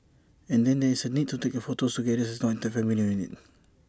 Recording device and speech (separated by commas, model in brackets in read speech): standing microphone (AKG C214), read sentence